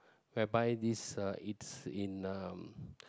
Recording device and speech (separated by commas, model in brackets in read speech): close-talking microphone, conversation in the same room